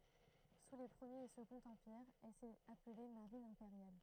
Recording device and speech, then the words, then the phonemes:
throat microphone, read sentence
Sous les Premier et Second Empires, elle s'est appelée Marine impériale.
su le pʁəmjeʁ e səɡɔ̃t ɑ̃piʁz ɛl sɛt aple maʁin ɛ̃peʁjal

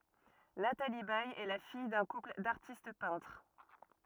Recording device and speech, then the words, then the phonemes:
rigid in-ear microphone, read sentence
Nathalie Baye est la fille d'un couple d'artistes peintres.
natali bɛj ɛ la fij dœ̃ kupl daʁtist pɛ̃tʁ

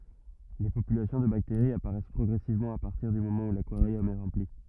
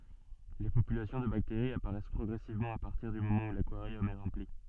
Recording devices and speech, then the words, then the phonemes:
rigid in-ear microphone, soft in-ear microphone, read sentence
Les populations de bactéries apparaissent progressivement à partir du moment où l'aquarium est rempli.
le popylasjɔ̃ də bakteʁiz apaʁɛs pʁɔɡʁɛsivmɑ̃ a paʁtiʁ dy momɑ̃ u lakwaʁjɔm ɛ ʁɑ̃pli

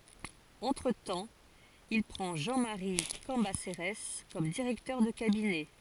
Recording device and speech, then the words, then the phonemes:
forehead accelerometer, read sentence
Entretemps, il prend Jean-Marie Cambacérès comme directeur de cabinet.
ɑ̃tʁətɑ̃ il pʁɑ̃ ʒɑ̃ maʁi kɑ̃baseʁɛs kɔm diʁɛktœʁ də kabinɛ

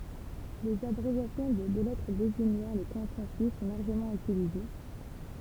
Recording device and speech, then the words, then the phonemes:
temple vibration pickup, read sentence
Les abréviations de deux lettres désignant les cantons suisses sont largement utilisées.
lez abʁevjasjɔ̃ də dø lɛtʁ deziɲɑ̃ le kɑ̃tɔ̃ syis sɔ̃ laʁʒəmɑ̃ ytilize

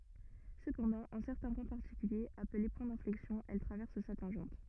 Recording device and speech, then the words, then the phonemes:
rigid in-ear microphone, read sentence
Cependant, en certains points particuliers, appelés points d'inflexion elle traverse sa tangente.
səpɑ̃dɑ̃ ɑ̃ sɛʁtɛ̃ pwɛ̃ paʁtikyljez aple pwɛ̃ dɛ̃flɛksjɔ̃ ɛl tʁavɛʁs sa tɑ̃ʒɑ̃t

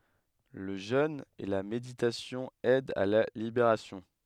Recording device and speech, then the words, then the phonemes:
headset microphone, read sentence
Le jeûne et la méditation aident à la libération.
lə ʒøn e la meditasjɔ̃ ɛdt a la libeʁasjɔ̃

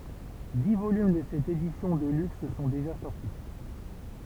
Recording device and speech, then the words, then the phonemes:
temple vibration pickup, read sentence
Dix volumes de cette édition de luxe sont déjà sortis.
di volym də sɛt edisjɔ̃ də lyks sɔ̃ deʒa sɔʁti

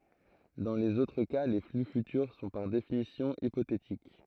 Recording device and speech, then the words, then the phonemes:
throat microphone, read sentence
Dans les autres cas, les flux futurs sont par définition hypothétiques.
dɑ̃ lez otʁ ka le fly fytyʁ sɔ̃ paʁ definisjɔ̃ ipotetik

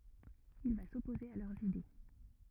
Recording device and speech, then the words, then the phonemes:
rigid in-ear microphone, read sentence
Il va s'opposer à leurs idées.
il va sɔpoze a lœʁz ide

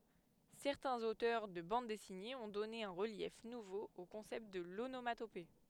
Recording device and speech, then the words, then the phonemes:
headset microphone, read sentence
Certains auteurs de bandes dessinées ont donné un relief nouveau au concept de l'onomatopée.
sɛʁtɛ̃z otœʁ də bɑ̃d dɛsinez ɔ̃ dɔne œ̃ ʁəljɛf nuvo o kɔ̃sɛpt də lonomatope

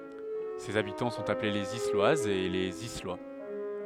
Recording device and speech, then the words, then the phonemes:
headset microphone, read sentence
Ses habitants sont appelés les Isloises et les Islois.
sez abitɑ̃ sɔ̃t aple lez islwazz e lez islwa

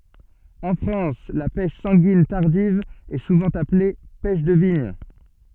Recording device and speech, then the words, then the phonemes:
soft in-ear microphone, read sentence
En France, la pêche sanguine tardive est souvent appelée pêche de vigne.
ɑ̃ fʁɑ̃s la pɛʃ sɑ̃ɡin taʁdiv ɛ suvɑ̃ aple pɛʃ də viɲ

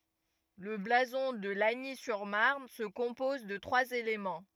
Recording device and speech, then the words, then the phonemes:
rigid in-ear microphone, read sentence
Le blason de Lagny-sur-Marne se compose de trois éléments.
lə blazɔ̃ də laɲi syʁ maʁn sə kɔ̃pɔz də tʁwaz elemɑ̃

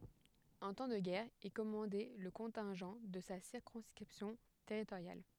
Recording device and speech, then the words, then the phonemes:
headset microphone, read sentence
En temps de guerre, il commandait le contingent de sa circonscription territoriale.
ɑ̃ tɑ̃ də ɡɛʁ il kɔmɑ̃dɛ lə kɔ̃tɛ̃ʒɑ̃ də sa siʁkɔ̃skʁipsjɔ̃ tɛʁitoʁjal

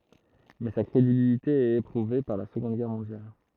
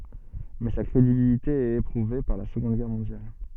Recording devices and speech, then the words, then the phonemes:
throat microphone, soft in-ear microphone, read sentence
Mais sa crédibilité est éprouvée par la Seconde Guerre mondiale.
mɛ sa kʁedibilite ɛt epʁuve paʁ la səɡɔ̃d ɡɛʁ mɔ̃djal

